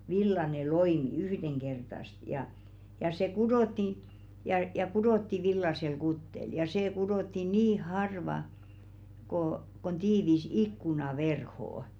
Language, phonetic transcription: Finnish, 'villane 'loimi 'yhdeŋkertast ja , ja se "kudòtti , ja 'kudòtti "villasel 'kuttel ja 'see kudotti "nii 'harva , kò , kon 'tiivis "ikkuna'verhò₍ᵒ .
- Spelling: villainen loimi yhdenkertaista ja ja se kudottiin ja kudottiin villaisella kuteella ja se kudottiin niin harva kuin kuin tiivis ikkunaverho

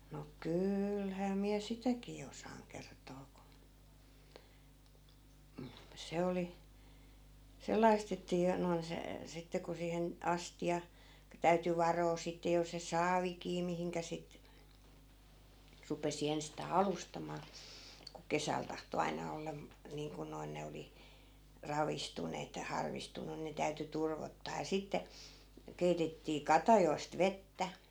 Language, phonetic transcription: Finnish, no "kyylhää miä 'sitäkii osaaŋ 'kert̀oo ku , (yhm) , 'se oli , 'sel̆lai̮st ‿että jo noin se , 'sitte ku siihen , 'asti₍a , (ku) täyty 'varoo sitte jos se "saavikii 'mihiŋkä sit , rupesi 'enstaa "alustamaa , ku 'kesäl tahto 'aina olla , niiŋku noin 'ne oli , 'ravistuneet ja 'harvistuǹu ne täyty 'turvottaa ja 'sitte , 'keitettii "katajoi̮st 'vettä .
- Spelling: no kyllähän minä sitäkin osaan kertoa kun - se oli sellaista että jo noin se sitten kun siihen astia kun täytyi varoa sitten jos se saavikin mihin sitten rupesi ensistään alustamaan kun kesällä tahtoi aina olla niin kuin noin ne oli ravistuneet ja harvistuneet ne täytyi turvottaa ja sitten keitettiin katajista vettä

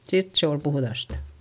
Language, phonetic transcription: Finnish, sit se ol puhδastA .
- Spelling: sitten se oli puhdasta

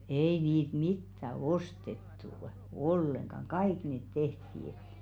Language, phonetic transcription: Finnish, 'ei niit "mittä 'ostettu , 'olleŋkaŋ "kaik nèt 'tehtii .
- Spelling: ei niitä mitään ostettu ollenkaan kaikki ne tehtiin

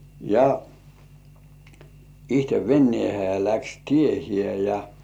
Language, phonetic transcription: Finnish, ja , ihte 'vennĭèhe ja läks "tiehĭè ja .
- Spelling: ja itse veneeseen ja lähti tiehensä ja

